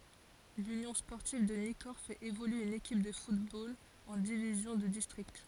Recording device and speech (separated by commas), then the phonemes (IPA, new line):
forehead accelerometer, read sentence
lynjɔ̃ spɔʁtiv də nikɔʁ fɛt evolye yn ekip də futbol ɑ̃ divizjɔ̃ də distʁikt